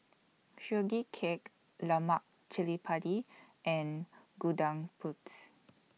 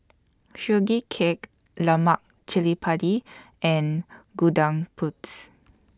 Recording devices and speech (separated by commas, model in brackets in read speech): mobile phone (iPhone 6), standing microphone (AKG C214), read sentence